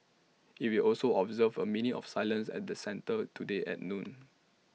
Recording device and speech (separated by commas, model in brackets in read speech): mobile phone (iPhone 6), read sentence